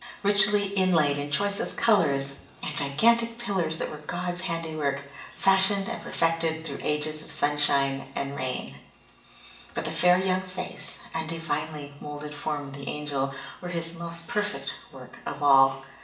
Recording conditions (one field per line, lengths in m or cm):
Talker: one person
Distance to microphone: 1.8 m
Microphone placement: close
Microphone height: 1.0 m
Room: large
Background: television